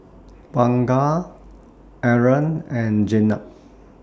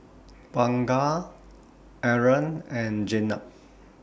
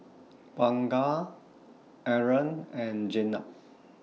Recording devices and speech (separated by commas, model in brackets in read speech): standing microphone (AKG C214), boundary microphone (BM630), mobile phone (iPhone 6), read sentence